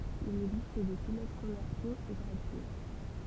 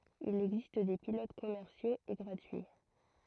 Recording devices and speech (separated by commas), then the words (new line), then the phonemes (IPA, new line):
temple vibration pickup, throat microphone, read sentence
Il existe des pilotes commerciaux et gratuits.
il ɛɡzist de pilot kɔmɛʁsjoz e ɡʁatyi